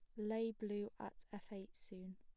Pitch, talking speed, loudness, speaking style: 205 Hz, 185 wpm, -47 LUFS, plain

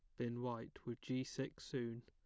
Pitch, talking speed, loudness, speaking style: 120 Hz, 195 wpm, -45 LUFS, plain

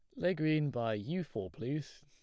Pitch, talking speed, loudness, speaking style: 150 Hz, 200 wpm, -36 LUFS, plain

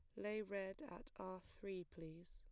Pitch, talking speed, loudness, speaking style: 190 Hz, 170 wpm, -51 LUFS, plain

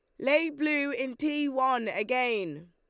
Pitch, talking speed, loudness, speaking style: 260 Hz, 145 wpm, -28 LUFS, Lombard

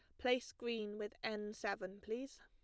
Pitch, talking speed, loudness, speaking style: 215 Hz, 160 wpm, -43 LUFS, plain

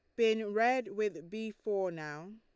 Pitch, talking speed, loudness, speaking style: 215 Hz, 165 wpm, -34 LUFS, Lombard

